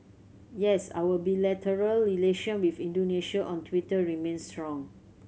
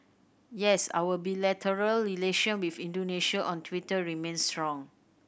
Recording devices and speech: mobile phone (Samsung C7100), boundary microphone (BM630), read sentence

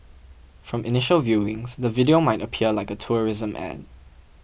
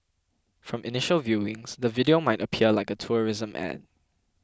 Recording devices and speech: boundary microphone (BM630), close-talking microphone (WH20), read sentence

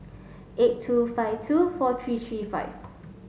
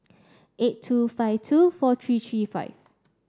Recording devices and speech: mobile phone (Samsung S8), standing microphone (AKG C214), read sentence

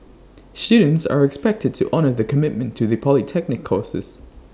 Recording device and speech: standing microphone (AKG C214), read sentence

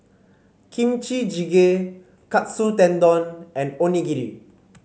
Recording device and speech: mobile phone (Samsung C5), read sentence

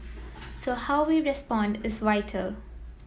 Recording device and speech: mobile phone (iPhone 7), read sentence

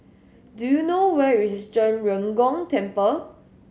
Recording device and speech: mobile phone (Samsung S8), read sentence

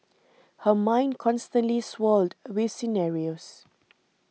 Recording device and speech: mobile phone (iPhone 6), read sentence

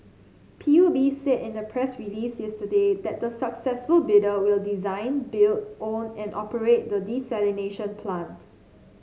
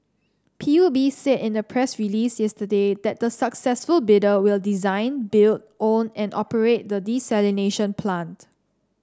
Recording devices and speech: mobile phone (Samsung C7), standing microphone (AKG C214), read sentence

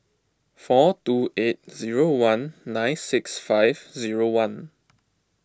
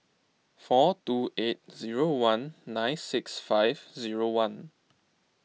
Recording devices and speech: close-talking microphone (WH20), mobile phone (iPhone 6), read sentence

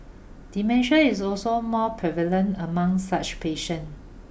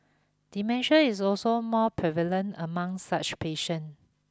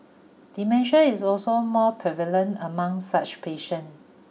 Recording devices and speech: boundary microphone (BM630), close-talking microphone (WH20), mobile phone (iPhone 6), read sentence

